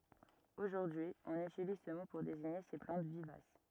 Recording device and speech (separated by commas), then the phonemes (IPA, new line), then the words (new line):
rigid in-ear microphone, read sentence
oʒuʁdyi ɔ̃n ytiliz sə mo puʁ deziɲe se plɑ̃t vivas
Aujourd'hui, on utilise ce mot pour désigner ces plantes vivaces.